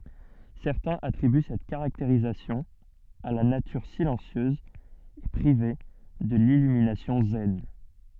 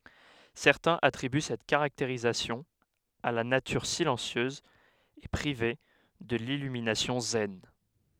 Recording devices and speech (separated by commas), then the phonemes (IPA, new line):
soft in-ear microphone, headset microphone, read sentence
sɛʁtɛ̃z atʁiby sɛt kaʁakteʁistik a la natyʁ silɑ̃sjøz e pʁive də lilyminasjɔ̃ zɛn